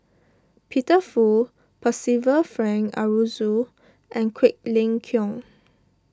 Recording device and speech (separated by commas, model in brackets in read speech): standing microphone (AKG C214), read sentence